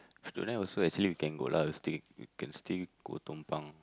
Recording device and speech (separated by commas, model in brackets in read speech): close-talking microphone, conversation in the same room